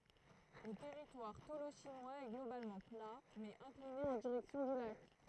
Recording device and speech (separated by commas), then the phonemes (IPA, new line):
throat microphone, read sentence
lə tɛʁitwaʁ toloʃinwaz ɛ ɡlobalmɑ̃ pla mɛz ɛ̃kline ɑ̃ diʁɛksjɔ̃ dy lak